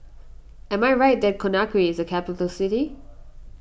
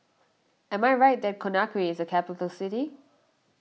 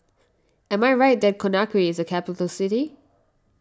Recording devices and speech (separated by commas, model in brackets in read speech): boundary microphone (BM630), mobile phone (iPhone 6), standing microphone (AKG C214), read sentence